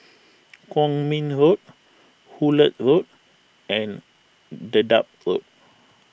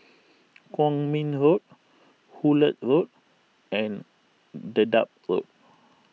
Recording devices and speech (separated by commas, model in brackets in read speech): boundary microphone (BM630), mobile phone (iPhone 6), read sentence